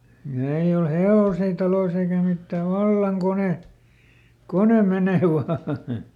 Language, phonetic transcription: Finnish, ja ei ol "he₍òsii talois ‿eikä ˈmittä , "vallaŋ ˈkone , ˈkone ˈmenè ˈvaa .
- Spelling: ja ei ole hevosia taloissa eikä mitään vallan kone kone menee vain

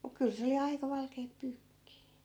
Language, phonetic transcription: Finnish, muk 'kyl se oli 'aika "valkeep 'pyykkii .
- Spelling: mutta kyllä se oli aika valkeaa pyykkiä

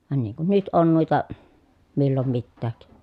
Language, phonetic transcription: Finnish, van niiŋ kun nyt on nuita , millom mittääk .
- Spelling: vaan niin kuin nyt on noita milloin mitäkin

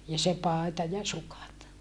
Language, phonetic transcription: Finnish, ja se pàeta ja sukat .
- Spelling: ja se paita ja sukat

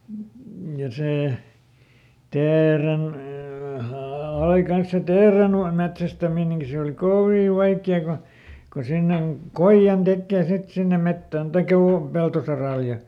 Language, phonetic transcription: Finnish, ja ˈsè , ˈteeren- , ai ˈkans se "teeren- , ˈ-metsästämineŋki se òli "kovì "vaikki₍a ku , ku ˈsinneŋ , "koiʲan ˈtekkee sit ˈsinne ˈmettään , taikᵃ (ˈjuur) ˈpeltosaràl ja ,.
- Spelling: ja se - aina kanssa se - teerenmetsästäminenkin se oli kovin vaikeaa kun kun sinne koijan tekee sitten sinne metsään tai juuri peltosaralle ja

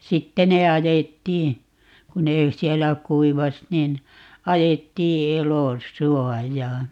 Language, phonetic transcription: Finnish, "sitte ne 'ajettii , ku 'nee , 'siɛllä "kuivas nin , 'ajettii "elo"suɔjaa .
- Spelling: sitten ne ajettiin kun ne siellä kuivasi niin ajettiin elosuojaan

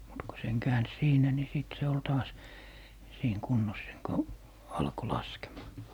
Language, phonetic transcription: Finnish, mut ko seŋ 'kääns "siinä ni 'sìt se ol taas , "siiŋ 'kunnos seŋ ko , 'alko , "laskemaa .
- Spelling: mutta kun sen käänsi siinä niin sitten se oli taas siinä kunnossa sen kun alkoi laskemaan

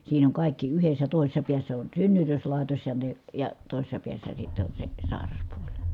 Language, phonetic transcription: Finnish, siin ‿oŋ kài̮kki yhes̀ä tòises̆sa piässä on synnytöslài̮tos ja ne , ja tòi̮sessa piässä sitte on se , sài̮raspuoĺ .
- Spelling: siinä on kaikki yhdessä toisessa päässä on synnytyslaitos ja ne ja toisessa päässä sitten on se sairaspuoli

